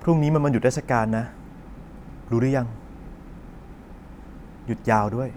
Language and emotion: Thai, neutral